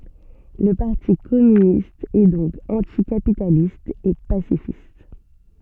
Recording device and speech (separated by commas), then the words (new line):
soft in-ear microphone, read sentence
Le Parti communiste est donc anti-capitaliste et pacifiste.